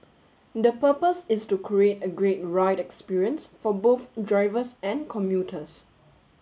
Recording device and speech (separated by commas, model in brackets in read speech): mobile phone (Samsung S8), read sentence